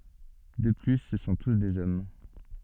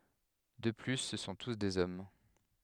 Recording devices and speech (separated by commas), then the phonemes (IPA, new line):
soft in-ear microphone, headset microphone, read sentence
də ply sə sɔ̃ tus dez ɔm